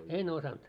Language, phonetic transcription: Finnish, 'en 'osanᴅ .
- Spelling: en osannut

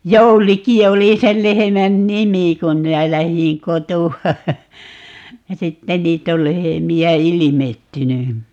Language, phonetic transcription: Finnish, 'Jouliki 'oli sel 'lehemän "nimi 'kum 'minä 'lähiḭ "kotu₍a , ja 'sitte 'niit ‿ol 'lehemi₍ä "ilimettyny .
- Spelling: Jouliki oli sen lehmän nimi kun minä lähdin kotoa ja sitten niitä on lehmiä ilmestynyt

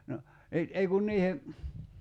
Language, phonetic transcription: Finnish, no , ni , 'ei kun 'niihe ,.
- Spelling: no niin ei kun niiden

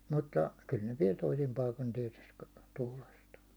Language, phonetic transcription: Finnish, mutta , kyl ne viɛl 'toisim paikon tiɛtyst , 'tuulastaa .
- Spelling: mutta kyllä ne vielä toisin paikoin tietysti tuulastaa

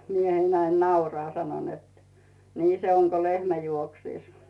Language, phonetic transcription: Finnish, 'miehein näin "nauraa sano net , » 'nii se 'oŋ ko "lehmä 'juoksìs « .
- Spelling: mieheni näin nauraa sanoi että niin se on kuin lehmä juoksisi

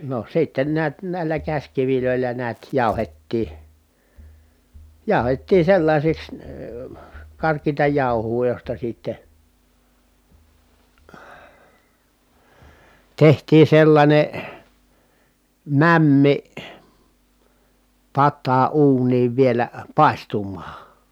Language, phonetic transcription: Finnish, no sitten neät nä̀i̮llä käśkivilö̀il̀ä neät jàu̬hettii , jàu̬hettii sellàisiks , karkiita jàuhuu josta sìtte , tehtii sellańe , mämmi , pattaa uuniiv vielä , pài̮stum̀aa .
- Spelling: no sitten näet näillä käsikivillä näet jauhettiin jauhettiin sellaisiksi karkeata jauhoa josta sitten tehtiin sellainen mämmi pataan uuniin vielä paistumaan

